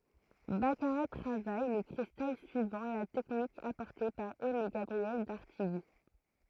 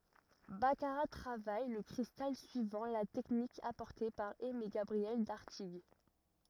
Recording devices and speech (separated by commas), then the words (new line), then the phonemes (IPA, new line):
throat microphone, rigid in-ear microphone, read sentence
Baccarat travaille le cristal suivant la technique apportée par Aimé-Gabriel d'Artigues.
bakaʁa tʁavaj lə kʁistal syivɑ̃ la tɛknik apɔʁte paʁ ɛmeɡabʁiɛl daʁtiɡ